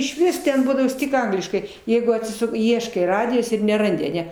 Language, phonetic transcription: Lithuanian, išˈvis ten ˈbūdavos ˈtik ˈangliškai ˈjeigu atsiˈsuk ˈieškai ˈradijos ir neˈrandi aˈne

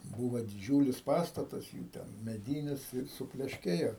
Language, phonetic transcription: Lithuanian, ˈbūvo diˈdžiūlis ˈpastatas jų ˈten meˈdynis ir suplešˈkėjo

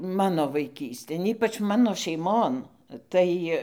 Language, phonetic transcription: Lithuanian, ˈmano vaiˈkystėn ˈypač ˈmano šeiˈmon tai

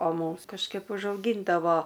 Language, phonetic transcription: Lithuanian, o ˈmūms kažˈkaip užauˈgyndavo

